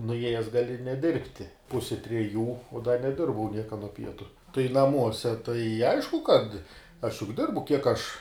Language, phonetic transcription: Lithuanian, nuˈėjes gaˈli neˈdirbti ˈpusi treˈjų uo da neˈdirbau ˈnieka nuo ˈpietu tai naˈmuose tai ˈaišku kad aš juk ˈdirbu kiek aš

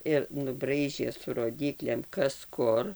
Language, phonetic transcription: Lithuanian, ir nuˈbraižė su roˈdyklėm ˈkas ˈkur

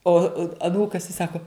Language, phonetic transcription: Lithuanian, ˈo aˈnūkas i ˈsako

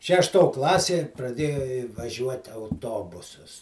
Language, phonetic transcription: Lithuanian, šešˈto ˈklasė praˈdėju vaˈžiuoti auˈtobusas

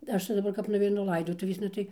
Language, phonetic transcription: Lithuanian, ˈaš tai daˈbar kap nuveiˈnu ˈlaidotuvėsna ˈtai

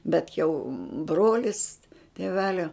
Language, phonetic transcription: Lithuanian, ˈbet jau ˈbrolis tėˈvelio

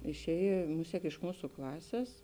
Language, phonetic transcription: Lithuanian, išˈēj ˈmusiek iš ˈmūsu ˈklasės

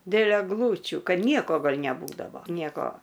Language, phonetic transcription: Lithuanian, dėl egˈlūčių ˈkad ˈnieko gal' neˈbūdavo ˈnieko

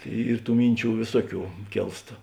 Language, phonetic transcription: Lithuanian, ˈyr ˈtų ˈminˌčių ˈvėsuoˌkių ˈkėlst

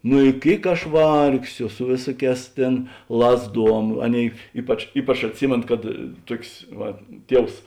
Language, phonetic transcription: Lithuanian, nu i ˈkėik aš ˈvargsio su ˈvėsuoˌkēs ˈtėn ˈlazˌduom ˈaˌnėi ˈypač ˈypač atˈsimėno kad ˈtuokės ˈva ˈtievs

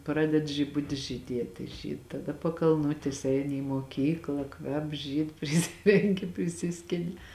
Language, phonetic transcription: Lithuanian, ˈpraded žiˈbutis žyˈdietė ˈžyd taˈda pakalˈnutės ˈeini į moˈkykla ˈkvep ˈžyd priˈsirenki priˈsiskini

